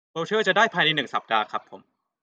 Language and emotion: Thai, neutral